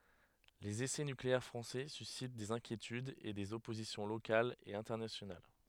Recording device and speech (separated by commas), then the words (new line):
headset microphone, read sentence
Les essais nucléaires français suscitent des inquiétudes et des oppositions locales et internationales.